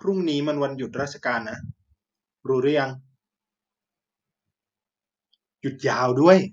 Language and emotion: Thai, happy